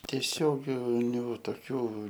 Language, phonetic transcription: Lithuanian, tieˈsioginiu toˈkių

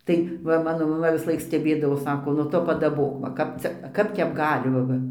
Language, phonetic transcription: Lithuanian, tai ˈva ˈmano maˈma visˈlaik steˈbėdavos ˈsako nu ˈtu padaˈbok va ˈkap cia ˈkap tep ˈgali va ˈva

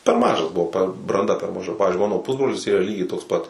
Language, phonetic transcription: Lithuanian, per ˈmažas buˈvau per branˈda per maˈža ˈpavizdžiui ˈmano ˈpusbrolis ˈyra ˈlygiai toks ˈpat

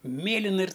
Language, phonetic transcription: Lithuanian, ˈmėlina ir

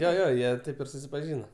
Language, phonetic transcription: Lithuanian, jo ˈjo ˈjie ˈtaip ir susipaˈžyna

